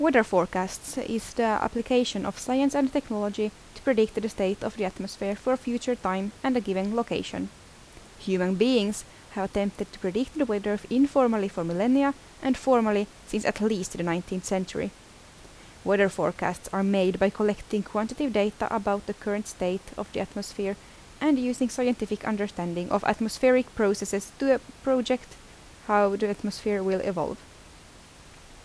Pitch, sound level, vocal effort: 210 Hz, 79 dB SPL, normal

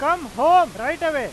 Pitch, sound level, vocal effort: 315 Hz, 105 dB SPL, very loud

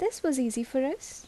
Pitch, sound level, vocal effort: 310 Hz, 77 dB SPL, soft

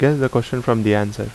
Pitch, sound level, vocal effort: 120 Hz, 80 dB SPL, normal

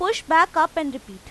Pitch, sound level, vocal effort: 320 Hz, 96 dB SPL, very loud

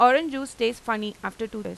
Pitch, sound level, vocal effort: 230 Hz, 93 dB SPL, loud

